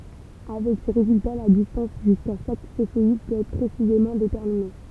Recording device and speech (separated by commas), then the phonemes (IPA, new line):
temple vibration pickup, read sentence
avɛk se ʁezylta la distɑ̃s ʒyska ʃak sefeid pøt ɛtʁ pʁesizemɑ̃ detɛʁmine